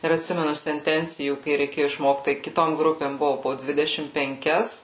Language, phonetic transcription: Lithuanian, ir atˈsimenu senˈtencijų kai reiˈkėju išˈmokt tai kiˈtom ˈgrupėm ˈbuvo po ˈdvidešim penˈkias

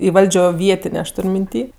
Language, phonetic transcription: Lithuanian, i ˈvaldžio ˈvietinė aš ˈtur' minˈty

